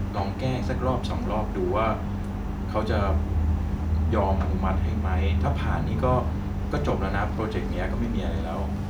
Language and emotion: Thai, neutral